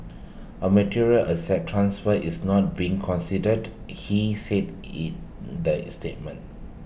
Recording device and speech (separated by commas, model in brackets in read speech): boundary microphone (BM630), read sentence